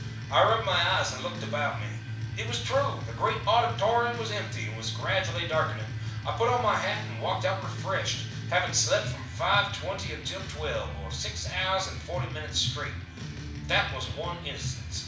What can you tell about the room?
A mid-sized room (about 5.7 m by 4.0 m).